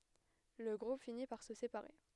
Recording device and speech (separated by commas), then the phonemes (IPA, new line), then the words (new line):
headset microphone, read sentence
lə ɡʁup fini paʁ sə sepaʁe
Le groupe finit par se séparer.